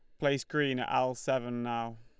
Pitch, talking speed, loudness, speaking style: 130 Hz, 200 wpm, -32 LUFS, Lombard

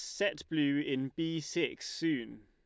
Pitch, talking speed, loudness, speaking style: 165 Hz, 160 wpm, -34 LUFS, Lombard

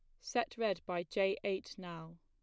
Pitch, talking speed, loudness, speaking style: 195 Hz, 180 wpm, -38 LUFS, plain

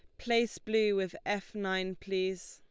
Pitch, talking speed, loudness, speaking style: 195 Hz, 155 wpm, -33 LUFS, Lombard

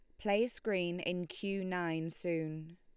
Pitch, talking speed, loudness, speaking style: 175 Hz, 140 wpm, -37 LUFS, Lombard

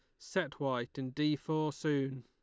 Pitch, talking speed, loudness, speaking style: 145 Hz, 180 wpm, -35 LUFS, Lombard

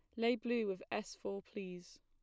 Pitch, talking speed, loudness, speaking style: 200 Hz, 200 wpm, -40 LUFS, plain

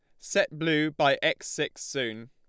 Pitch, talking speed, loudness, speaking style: 150 Hz, 170 wpm, -27 LUFS, Lombard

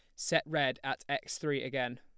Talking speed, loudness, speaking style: 200 wpm, -34 LUFS, plain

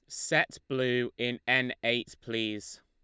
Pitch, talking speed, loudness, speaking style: 120 Hz, 135 wpm, -30 LUFS, Lombard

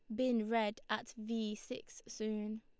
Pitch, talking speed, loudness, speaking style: 220 Hz, 150 wpm, -39 LUFS, Lombard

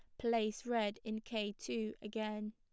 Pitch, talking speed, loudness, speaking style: 220 Hz, 155 wpm, -40 LUFS, plain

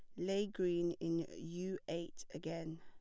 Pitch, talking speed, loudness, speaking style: 170 Hz, 140 wpm, -41 LUFS, plain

